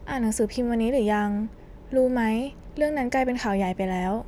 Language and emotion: Thai, neutral